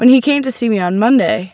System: none